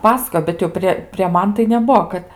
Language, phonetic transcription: Lithuanian, ˈpasakojo bet jau ˈprė prė ˈman tai neˈbuo ˈkad

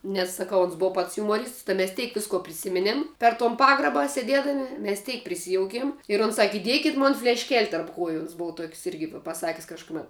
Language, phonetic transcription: Lithuanian, nes saˈkau ons ˈbova pats jumoˈrysts tai mes ˈteik ˈvisko priˈsiminėm per ton ˈpagraba sėˈdėdami mes ˈteik priˈsijoukėm ir ons ˈsaki iˈdiekit' ˈmon flešˈkel' tarp ˈkuoju ons ˈbov tuok's' ˈirgi vi paˈsakis kažkuˈmet

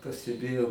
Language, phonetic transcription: Lithuanian, pasteˈbėjau

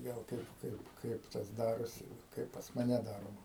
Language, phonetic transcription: Lithuanian, ˈgal ˈkaip ˈkaip ˈkaip tas ˈdarosi ˈkaip pas maˈne ˈdaroma

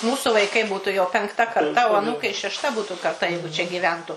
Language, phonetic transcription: Lithuanian, ˈmūsu vaiˈkai ˈbūtu jau penkˈta karˈta o aˈnūkai šešˈta ˈbūtu karˈta jeigu čia ˈgyventu

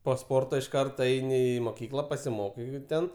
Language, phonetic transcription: Lithuanian, po ˈsporto iš ˈkarto ˈeini i moˈkykla pasiˈmokai ˈten

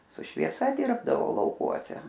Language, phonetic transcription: Lithuanian, su švieˈsa ˈdirbdavo lauˈkuose

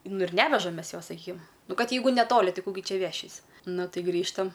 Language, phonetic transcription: Lithuanian, nu ir ˈnevežam ˈmes ˈjos saˈkykim ˈnu ˈkad ˈjeigu neˈtoli ˈtai ˈkų gi ˈčia ˈvešys' ˈnu ˈtaiˈgrįžtam

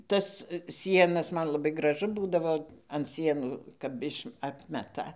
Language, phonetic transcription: Lithuanian, ˈtas ˈsienas ˈman laˈbai graˈžu ˈbūdavo an ˈsienų kap ˈiš ˈapmeta

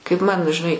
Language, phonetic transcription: Lithuanian, kaip man žiˈnai

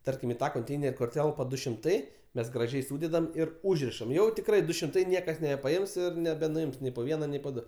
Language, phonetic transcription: Lithuanian, ˈtarkim i ˈtą konˈteiner' kur ˈtelpa ˈdu šimˈtai ˈmes graˈžiai ˈsūdedam ˈir ˈūžrišam ˈjau tikˈrai ˈdu šimˈtai ˈniekas nebepaˈims ir nebenuˈims ˈnei po ˈviena ˈnei po ˈdu

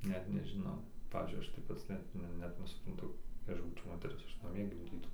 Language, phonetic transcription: Lithuanian, ˈnet nežiˈnau ˈpavyzdžiui ˈaš tai ˈpats ˈnet ˈnet nesupranˈtu jei ˈaš būčiau ˈmoteris ˈaš naˈmie gimˈdytau

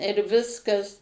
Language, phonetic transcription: Lithuanian, ir ˈviskas

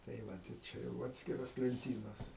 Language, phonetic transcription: Lithuanian, tai ˈvat ir ˈčia jau ˈatskiros lenˈtynos

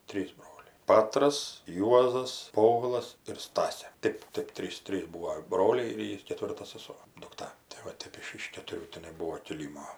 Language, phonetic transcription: Lithuanian, ˈtrysˈbroliai ˈpatras ˈjuozas ˈpovilas ir ˈstasė ˈtɜp ˈtɜp ˈtrys ˈtrys ˈbūo ˈbroliai ir ˈjy keˈtvirta saˈso dukˈta tai ˈva ˈtep iš iš ketuˈrių tiˈnai ˈbūo kiˈlymo

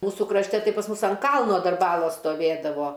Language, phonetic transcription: Lithuanian, ˈmūsu krašˈte ˈtai pas ˈmus ant ˈkalno ˈdar ˈbalos stoˈvėdavo

